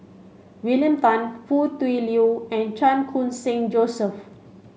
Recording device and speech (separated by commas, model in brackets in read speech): mobile phone (Samsung C5), read sentence